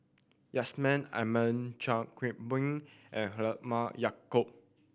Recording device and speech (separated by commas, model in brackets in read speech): boundary microphone (BM630), read sentence